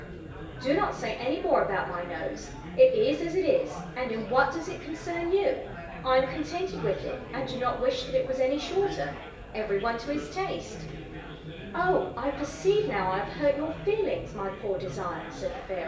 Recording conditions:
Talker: one person; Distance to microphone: 1.8 m; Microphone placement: close; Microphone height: 1.0 m; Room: large; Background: babble

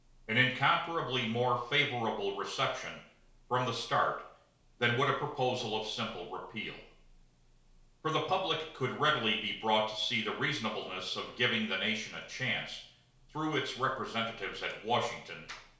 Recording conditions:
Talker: one person; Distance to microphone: 1.0 m; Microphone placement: close; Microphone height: 1.1 m; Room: small (3.7 m by 2.7 m); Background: none

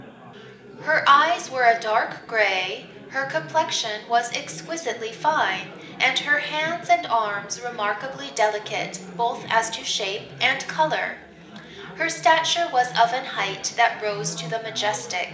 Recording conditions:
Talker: one person; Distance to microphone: 1.8 m; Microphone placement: close; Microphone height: 1.0 m; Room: large; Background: babble

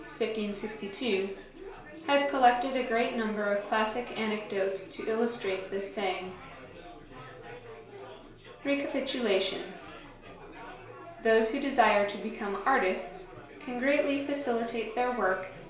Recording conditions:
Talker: one person; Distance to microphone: 1.0 m; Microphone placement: close; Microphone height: 1.1 m; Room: small (3.7 m by 2.7 m); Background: babble

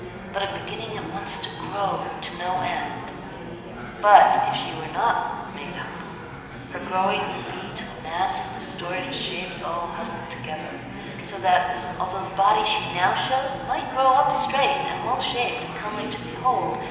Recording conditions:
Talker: one person; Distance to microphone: 1.7 m; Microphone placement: close; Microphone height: 1.0 m; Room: very reverberant, large; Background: babble

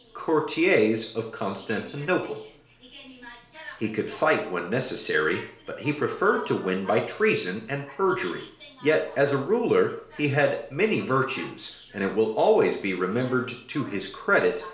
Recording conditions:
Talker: one person; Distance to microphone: 1.0 m; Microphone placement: close; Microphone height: 1.1 m; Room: small (3.7 m by 2.7 m); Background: television

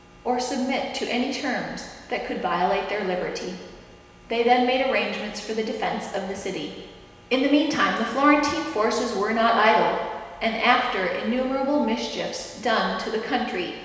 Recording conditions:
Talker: one person; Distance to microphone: 1.7 m; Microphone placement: close; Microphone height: 1.0 m; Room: very reverberant, large; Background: none

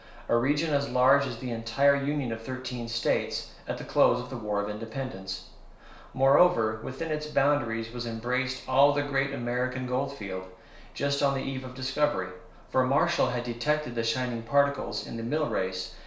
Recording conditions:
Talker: one person; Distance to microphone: 1.0 m; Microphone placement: close; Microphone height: 1.1 m; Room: small (3.7 m by 2.7 m); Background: none

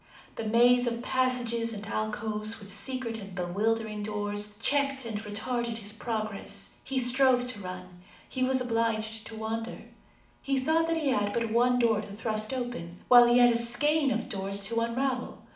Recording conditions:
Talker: one person; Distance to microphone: 2.0 m; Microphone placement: close; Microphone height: 99 cm; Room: medium-sized (5.7 m by 4.0 m); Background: none

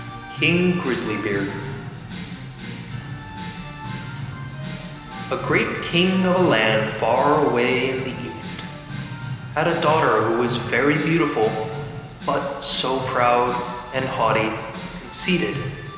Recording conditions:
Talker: one person; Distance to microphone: 1.7 m; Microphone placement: close; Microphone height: 1.0 m; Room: very reverberant, large; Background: music

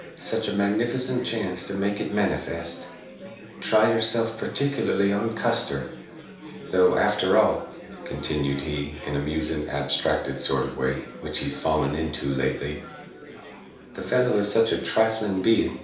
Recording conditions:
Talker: one person; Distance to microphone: 3.0 m; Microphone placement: far; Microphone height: 1.8 m; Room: small (3.7 m by 2.7 m); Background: babble

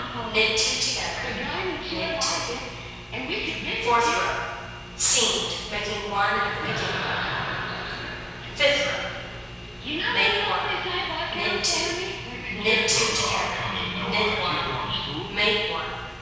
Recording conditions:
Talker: one person; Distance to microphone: 7.1 m; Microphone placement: far; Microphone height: 1.7 m; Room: very reverberant, large; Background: television

